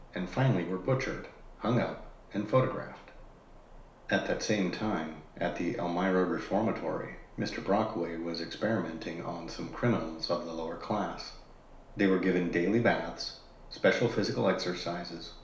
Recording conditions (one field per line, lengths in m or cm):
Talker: one person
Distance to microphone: 1.0 m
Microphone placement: close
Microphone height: 1.1 m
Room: small (3.7 m by 2.7 m)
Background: none